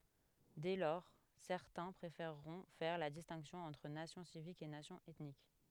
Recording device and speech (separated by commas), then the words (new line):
headset microphone, read sentence
Dès lors, certains préféreront faire la distinction entre nation civique et nation ethnique.